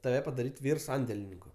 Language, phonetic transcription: Lithuanian, taˈve padaˈryt' ˈvyr ˈsandelininku

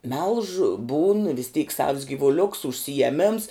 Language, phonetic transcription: Lithuanian, melž būn vis tyk savs gyvuˈliuks užsijeˈmims

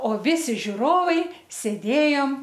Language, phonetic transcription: Lithuanian, o ˈvisi žiuˈrovai sėˈdėjom

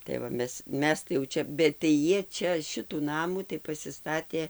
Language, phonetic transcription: Lithuanian, tai va ˈmes ˈmes tai jau ˈčia bet tai ˈjie ˈčia ˈšitų ˈnamų tai pasiˈstatė

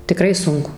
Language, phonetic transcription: Lithuanian, tiˈkrai ˈsunku

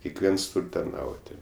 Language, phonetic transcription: Lithuanian, kekˈviens ˈtūr' tarˈnauti

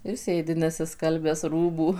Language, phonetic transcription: Lithuanian, ir ˈsėdi nesiˈskalbęs ˈrūbų

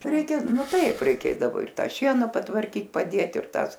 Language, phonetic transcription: Lithuanian, ˈreikia ˈnu ˈtaip ˈreiˈkėdavo ir ˈtą ˈšieną patvarˈkyt paˈdėt ir ˈtąs

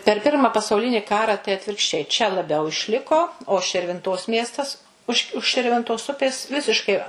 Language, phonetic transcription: Lithuanian, per ˈpirma pasauˈlinį ˈkara tai atvirkšˈčiai čia laˈbiau išˈliko o širvinˈtos ˈmiestas ˈuž už širvinˈtos ˈupės ˈvisiškai

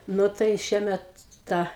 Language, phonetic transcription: Lithuanian, ˈnu tai ˈšiemet ˈta

